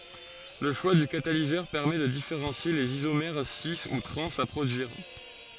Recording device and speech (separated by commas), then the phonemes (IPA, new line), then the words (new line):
forehead accelerometer, read sentence
lə ʃwa dy katalizœʁ pɛʁmɛ də difeʁɑ̃sje lez izomɛʁ si u tʁɑ̃z a pʁodyiʁ
Le choix du catalyseur permet de différencier les isomères cis ou trans à produire.